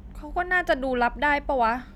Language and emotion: Thai, frustrated